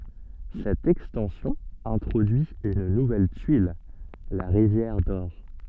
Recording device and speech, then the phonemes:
soft in-ear microphone, read sentence
sɛt ɛkstɑ̃sjɔ̃ ɛ̃tʁodyi yn nuvɛl tyil la ʁivjɛʁ dɔʁ

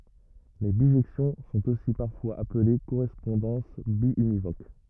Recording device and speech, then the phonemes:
rigid in-ear microphone, read sentence
le biʒɛksjɔ̃ sɔ̃t osi paʁfwaz aple koʁɛspɔ̃dɑ̃s bjynivok

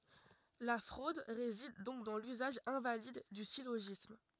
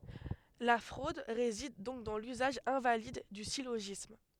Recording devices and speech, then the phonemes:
rigid in-ear microphone, headset microphone, read sentence
la fʁod ʁezid dɔ̃k dɑ̃ lyzaʒ ɛ̃valid dy siloʒism

